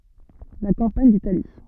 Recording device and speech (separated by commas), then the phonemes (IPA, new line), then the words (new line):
soft in-ear microphone, read sentence
la kɑ̃paɲ ditali
La campagne d’Italie.